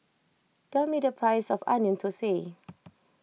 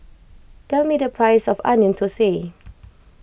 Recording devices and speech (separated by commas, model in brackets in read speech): mobile phone (iPhone 6), boundary microphone (BM630), read sentence